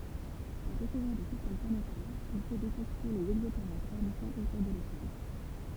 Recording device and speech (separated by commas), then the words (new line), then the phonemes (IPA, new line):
temple vibration pickup, read sentence
Pour découvrir des systèmes planétaires, il faut détecter les exoplanètes orbitant autour de l'étoile.
puʁ dekuvʁiʁ de sistɛm planetɛʁz il fo detɛkte lez ɛɡzɔplanɛtz ɔʁbitɑ̃ otuʁ də letwal